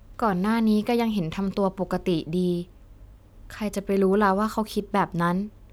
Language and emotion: Thai, neutral